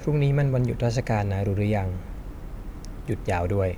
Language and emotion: Thai, neutral